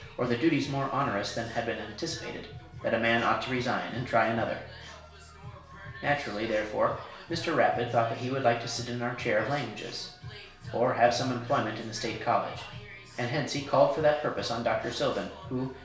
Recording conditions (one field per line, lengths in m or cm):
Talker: one person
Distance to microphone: 1.0 m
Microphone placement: close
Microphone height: 1.1 m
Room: small (3.7 m by 2.7 m)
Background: music